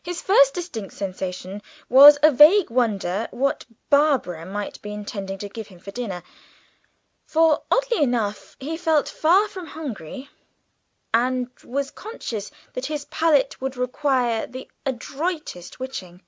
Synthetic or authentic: authentic